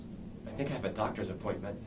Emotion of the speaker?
neutral